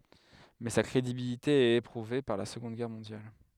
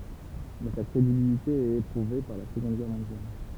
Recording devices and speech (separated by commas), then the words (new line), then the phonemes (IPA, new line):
headset microphone, temple vibration pickup, read sentence
Mais sa crédibilité est éprouvée par la Seconde Guerre mondiale.
mɛ sa kʁedibilite ɛt epʁuve paʁ la səɡɔ̃d ɡɛʁ mɔ̃djal